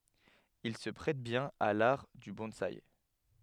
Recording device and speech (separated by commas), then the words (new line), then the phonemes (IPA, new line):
headset microphone, read sentence
Il se prête bien à l'art du bonsaï.
il sə pʁɛt bjɛ̃n a laʁ dy bɔ̃saj